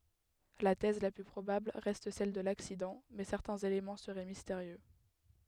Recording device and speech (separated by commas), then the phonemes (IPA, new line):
headset microphone, read sentence
la tɛz la ply pʁobabl ʁɛst sɛl də laksidɑ̃ mɛ sɛʁtɛ̃z elemɑ̃ səʁɛ misteʁjø